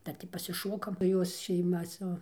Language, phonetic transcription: Lithuanian, ˈdar tį pasiˈšokam ˈjos šeiˈma su

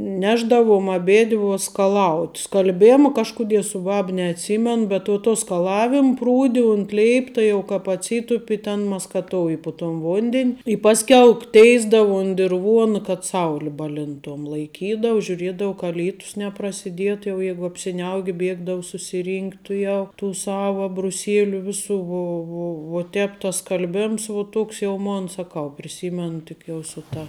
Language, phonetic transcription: Lithuanian, ˈnešdavom aˈbėdvi vuo skaˈlaut' skalˈbėma ˈkažkuˌdie su ˈbab neatˈsymen bet uo ˈtuo skaˈlavim ˈprūdi unt ˈleipta jau ˈkāp atˈsytupi ten maskaˈtouji pu ton ˈvondin' i ˈpasˌkiau ˈteisdavu unt dirˈvuona kad ˈsauli ˈbaˌlintom ˈlaikydau žiuˈriedau ka ˈlytus neprasiˈdietu jau ˈjegu apsiˈniauk' ˈbiegdavu susiˈrynkt' tuˈjau tų ˈsava abruˈsieliu ˈvisu ˈvo ˈvo vo ˈtēp tas skalˈbems vuo ˈtoks jau ˈmon saˈkau priˈsymenu ˈtik jau su ˈta

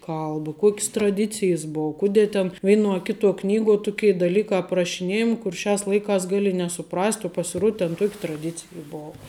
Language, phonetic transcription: Lithuanian, ˈkalba ˈkuok's traˈdicijes ˈbou ˈkudė ten ˈveinuo a ˈkituo ˈknyguo ˈtukė daˈlykā aprašiˈnėjami kur ˈšiās ˈlaikās ˈgali nesuˈprast' o pasiˈruod ten ˈtuoki traˈdicija ˈbova

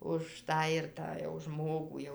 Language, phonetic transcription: Lithuanian, už ˈtą ir ˈtą jau ˈžmogų ˈjau

